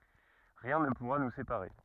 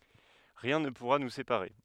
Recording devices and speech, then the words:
rigid in-ear microphone, headset microphone, read sentence
Rien ne pourra nous séparer.

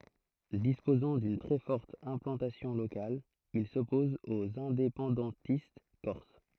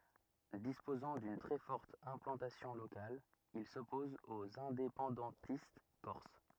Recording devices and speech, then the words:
throat microphone, rigid in-ear microphone, read sentence
Disposant d’une très forte implantation locale, il s’oppose aux indépendantistes corses.

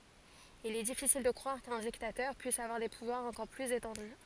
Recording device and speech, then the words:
forehead accelerometer, read sentence
Il est difficile de croire qu'un dictateur puisse avoir des pouvoirs encore plus étendus.

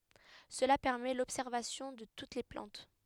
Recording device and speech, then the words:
headset microphone, read sentence
Cela permet l'observation de toutes les plantes.

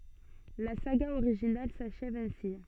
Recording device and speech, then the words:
soft in-ear microphone, read sentence
La saga originale s’achève ainsi.

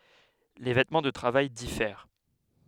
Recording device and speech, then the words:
headset microphone, read sentence
Les vêtements de travail diffèrent.

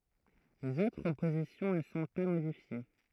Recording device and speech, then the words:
throat microphone, read sentence
Les autres positions ne sont pas modifiées.

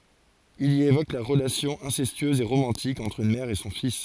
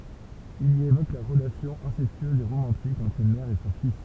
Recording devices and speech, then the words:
forehead accelerometer, temple vibration pickup, read sentence
Il y évoque la relation incestueuse et romantique entre une mère et son fils.

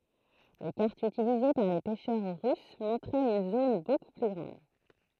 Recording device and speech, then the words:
throat microphone, read sentence
Les cartes utilisées par les pêcheurs russes montraient une zone beaucoup plus grande.

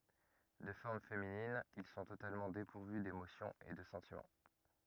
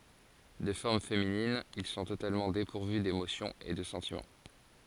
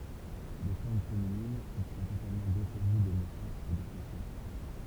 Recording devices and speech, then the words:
rigid in-ear microphone, forehead accelerometer, temple vibration pickup, read sentence
De forme féminine, ils sont totalement dépourvus d'émotions et de sentiments.

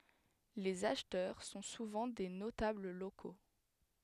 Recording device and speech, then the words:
headset microphone, read sentence
Les acheteurs sont souvent des notables locaux.

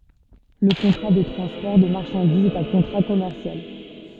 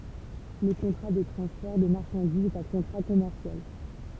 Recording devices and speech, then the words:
soft in-ear microphone, temple vibration pickup, read sentence
Le contrat de transport de marchandises est un contrat commercial.

